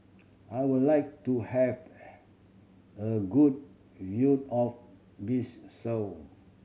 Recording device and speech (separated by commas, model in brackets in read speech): mobile phone (Samsung C7100), read sentence